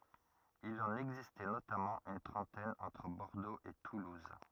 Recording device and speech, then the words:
rigid in-ear microphone, read sentence
Il en existait notamment une trentaine entre Bordeaux et toulouse.

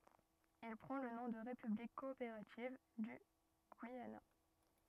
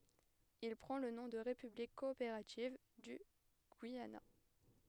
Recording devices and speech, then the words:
rigid in-ear microphone, headset microphone, read sentence
Il prend le nom de République coopérative du Guyana.

